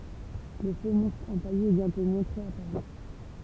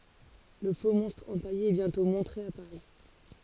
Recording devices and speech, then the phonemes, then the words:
temple vibration pickup, forehead accelerometer, read sentence
lə foksmɔ̃stʁ ɑ̃paje ɛ bjɛ̃tɔ̃ mɔ̃tʁe a paʁi
Le faux-monstre empaillé est bientôt montré à Paris.

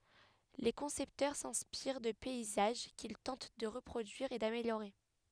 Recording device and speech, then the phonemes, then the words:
headset microphone, read sentence
le kɔ̃sɛptœʁ sɛ̃spiʁ də pɛizaʒ kil tɑ̃t də ʁəpʁodyiʁ e dameljoʁe
Les concepteurs s'inspirent de paysages qu'ils tentent de reproduire et d'améliorer.

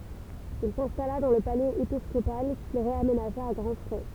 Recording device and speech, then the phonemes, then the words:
temple vibration pickup, read sentence
il sɛ̃stala dɑ̃ lə palɛz episkopal kil ʁeamenaʒa a ɡʁɑ̃ fʁɛ
Il s'installa dans le palais épiscopal, qu'il réaménagea à grand frais.

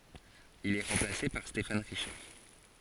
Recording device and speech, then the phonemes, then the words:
forehead accelerometer, read sentence
il ɛ ʁɑ̃plase paʁ stefan ʁiʃaʁ
Il est remplacé par Stéphane Richard.

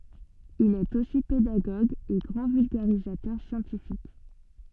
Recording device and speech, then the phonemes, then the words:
soft in-ear microphone, read sentence
il ɛt osi pedaɡoɡ e ɡʁɑ̃ vylɡaʁizatœʁ sjɑ̃tifik
Il est aussi pédagogue et grand vulgarisateur scientifique.

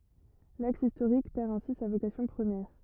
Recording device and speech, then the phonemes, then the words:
rigid in-ear microphone, read sentence
laks istoʁik pɛʁ ɛ̃si sa vokasjɔ̃ pʁəmjɛʁ
L'axe historique perd ainsi sa vocation première.

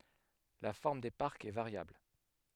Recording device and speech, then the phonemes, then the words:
headset microphone, read sentence
la fɔʁm de paʁkz ɛ vaʁjabl
La forme des parcs est variable.

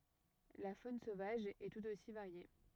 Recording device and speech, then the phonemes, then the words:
rigid in-ear microphone, read sentence
la fon sovaʒ ɛ tut osi vaʁje
La faune sauvage est tout aussi variée.

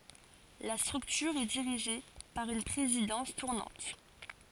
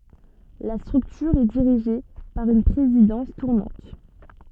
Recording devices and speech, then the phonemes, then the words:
forehead accelerometer, soft in-ear microphone, read sentence
la stʁyktyʁ ɛ diʁiʒe paʁ yn pʁezidɑ̃s tuʁnɑ̃t
La structure est dirigée par une présidence tournante.

